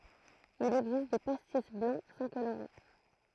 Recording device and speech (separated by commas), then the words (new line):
throat microphone, read sentence
Il existe des pastis blancs sans colorant.